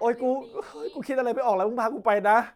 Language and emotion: Thai, frustrated